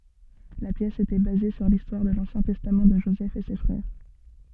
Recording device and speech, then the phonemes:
soft in-ear microphone, read sentence
la pjɛs etɛ baze syʁ listwaʁ də lɑ̃sjɛ̃ tɛstam də ʒozɛf e se fʁɛʁ

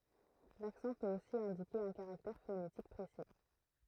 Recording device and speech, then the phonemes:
throat microphone, read sentence
laksɑ̃ pøt osi ɛ̃dike œ̃ kaʁaktɛʁ fonetik pʁesi

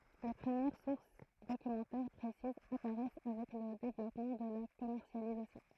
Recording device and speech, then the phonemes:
throat microphone, read sentence
le pʁəmjɛʁ suʁs dokymɑ̃tɛʁ pʁesizz apaʁɛs avɛk lə devlɔpmɑ̃ də la kɔmɛʁsjalizasjɔ̃

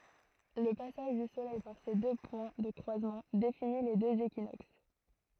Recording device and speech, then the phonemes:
throat microphone, read sentence
lə pasaʒ dy solɛj paʁ se dø pwɛ̃ də kʁwazmɑ̃ defini le døz ekinoks

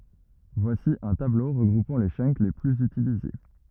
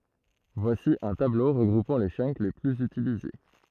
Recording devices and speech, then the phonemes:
rigid in-ear microphone, throat microphone, read sentence
vwasi œ̃ tablo ʁəɡʁupɑ̃ le tʃœnk le plyz ytilize

